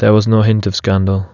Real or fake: real